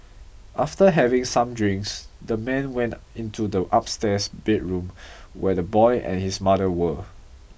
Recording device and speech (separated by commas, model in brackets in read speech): boundary microphone (BM630), read sentence